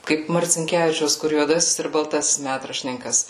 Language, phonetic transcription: Lithuanian, ˈkaip marcinˈkevičiaus kur juoˈdasis ir balˈtasis ˈmætraštininkas

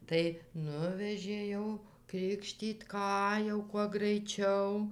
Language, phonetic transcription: Lithuanian, tai ˈnuvežė ˈjau ˈkrikštyt ˈką jau kuo graiˈčiau

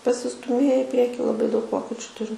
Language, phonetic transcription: Lithuanian, pasistuˈmėje i ˈprieki laˈbai daug ˈvokečiu ˈturim

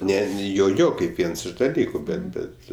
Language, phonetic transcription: Lithuanian, ˈne ˈjo ˈjo kaip ˈviens iš daˈlyku ˈbet ˈbet

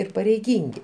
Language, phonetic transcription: Lithuanian, ir pareiˈgyngi

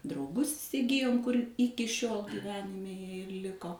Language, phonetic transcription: Lithuanian, drauˈgus isiˈgijom kur ˈiki šiol gyˈvenime ˈjie ir ˈliko

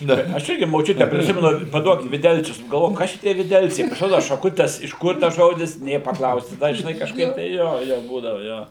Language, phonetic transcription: Lithuanian, ˈna i aš ˈirgi moˈčiute priˈsimenu paˈduok viˈdelcius nu galˈvoju ˈkas tie viˈdelciai pasiˈrodu šaˈkutes iš ˈkur tas ˈžodis ˈnė paˈklausi ˈda žiˈnai kažˈkaip tai ˈjo ˈjo ˈbūdavu ˈjo

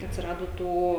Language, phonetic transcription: Lithuanian, atsiˈrado ˈtų

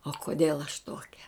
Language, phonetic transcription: Lithuanian, o koˈdėl aš ˈtokia

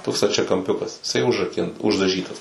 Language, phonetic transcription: Lithuanian, ˈtoks stačiakamˈpiukas iˈsai užraˈkin uždaˈžytas

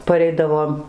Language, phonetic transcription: Lithuanian, paˈreidavom

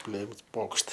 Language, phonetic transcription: Lithuanian, ˈplėms ˈpokšt

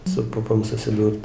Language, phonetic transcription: Lithuanian, su ˈpupom susiˈdūrt

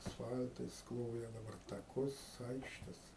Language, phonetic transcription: Lithuanian, asˈfal'tais ˈkloja daˈbar taˈkus ˈaikštes

